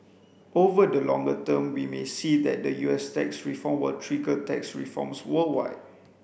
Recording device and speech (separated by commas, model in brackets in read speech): boundary microphone (BM630), read sentence